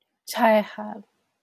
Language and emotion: Thai, sad